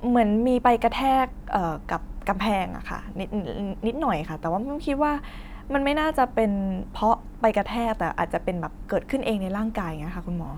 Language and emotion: Thai, neutral